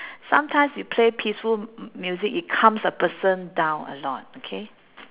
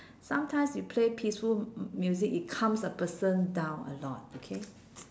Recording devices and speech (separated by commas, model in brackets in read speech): telephone, standing microphone, conversation in separate rooms